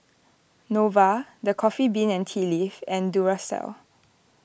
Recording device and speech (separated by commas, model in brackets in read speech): boundary microphone (BM630), read sentence